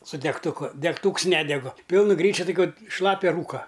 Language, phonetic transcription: Lithuanian, su degtuˈku degˈtūks ˈnedegu ˈpilnu ˈgryčiu toˈkiu ˈšlapia ˈrūka

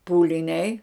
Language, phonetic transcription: Lithuanian, pūliˈniai

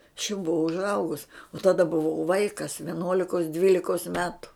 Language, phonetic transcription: Lithuanian, aš jau buˈvau užˈaugus o taˈda buˈvau ˈvaikas vieˈnuolikos ˈdvylikos ˈmetu

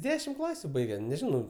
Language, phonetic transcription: Lithuanian, ˈdešim ˈklasiu ˈbaige neˈžinau

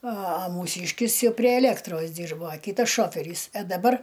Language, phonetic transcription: Lithuanian, a a mūˈsyškis ˈjau prie eˈlėktros ˈdyrbo a ˈkytas ˈšoferys a daˈbar

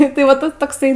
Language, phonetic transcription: Lithuanian, tai va ˈtas tokˈsai

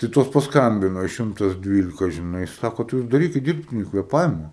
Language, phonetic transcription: Lithuanian, tai ˈtos pasˈkambino i ˈšimtas ˈdvylika žiˈnai ˈsako tai ˈjūs daˈrykit ˈdyrbtini kvėˈpavima

